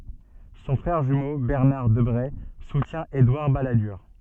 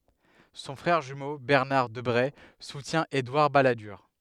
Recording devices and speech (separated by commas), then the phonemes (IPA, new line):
soft in-ear microphone, headset microphone, read sentence
sɔ̃ fʁɛʁ ʒymo bɛʁnaʁ dəbʁe sutjɛ̃ edwaʁ baladyʁ